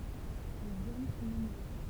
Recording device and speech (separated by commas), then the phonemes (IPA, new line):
temple vibration pickup, read sentence
lez ɔm sɔ̃ nɔ̃bʁø